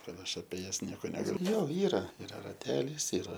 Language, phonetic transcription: Lithuanian, ˈkad ˈaš apie ˈjas ˈnieko negaˈliu ˈjo ˈyra iˈra raˈtelys iˈra

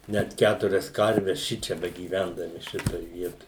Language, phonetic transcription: Lithuanian, ˈnæt ˈkæturias ˈkarves ˈšičia begyˈvendami ˈšitoj ˈvietoj

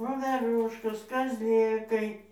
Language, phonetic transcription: Lithuanian, voveˈruškos kazˈlėkai

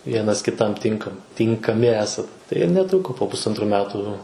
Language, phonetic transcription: Lithuanian, ˈvienas kiˈtam ˈtinkam tinkaˈmi ˈesat tai ir neˈtruko po pusˈantrų ˈmetu

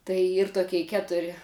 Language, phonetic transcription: Lithuanian, tai ˈyr toˈkei ˈketuri

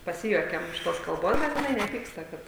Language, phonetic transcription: Lithuanian, paˈsijuokiam iš ˈtos kalˈbos bet jiˈnai neˈpyksta ˈkad

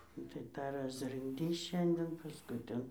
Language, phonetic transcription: Lithuanian, nu tai ˈtą rasrɨnkˈdys ˈšianden pasˈkui ˈten

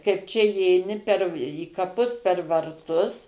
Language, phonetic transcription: Lithuanian, kaip ˈčia įeiˈni per į kaˈpus per varˈtus

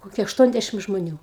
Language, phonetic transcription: Lithuanian, ˈkokie ašˈtuonˌdæšim žmoˈnių

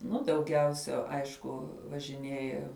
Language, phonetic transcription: Lithuanian, ˈnu dauˈgiausia ˈaišku važiˈnieja

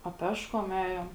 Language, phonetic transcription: Lithuanian, a ˈpeškom ˈejom

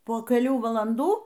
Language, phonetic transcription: Lithuanian, po keˈlių valanˈdų

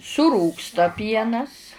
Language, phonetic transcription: Lithuanian, suˈrūgsta ˈpienas

